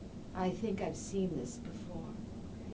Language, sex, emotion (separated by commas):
English, female, neutral